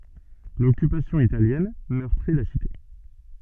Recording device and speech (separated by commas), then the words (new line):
soft in-ear microphone, read sentence
L'Occupation italienne meurtrit la cité.